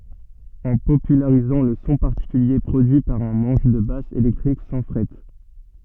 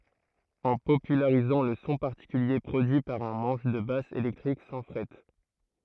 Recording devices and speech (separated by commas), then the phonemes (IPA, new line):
soft in-ear microphone, throat microphone, read sentence
ɑ̃ popylaʁizɑ̃ lə sɔ̃ paʁtikylje pʁodyi paʁ œ̃ mɑ̃ʃ də bas elɛktʁik sɑ̃ fʁɛt